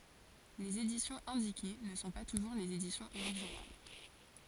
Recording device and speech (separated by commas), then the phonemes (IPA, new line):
forehead accelerometer, read sentence
lez edisjɔ̃z ɛ̃dike nə sɔ̃ pa tuʒuʁ lez edisjɔ̃z oʁiʒinal